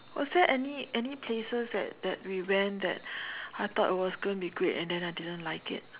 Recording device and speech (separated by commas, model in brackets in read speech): telephone, conversation in separate rooms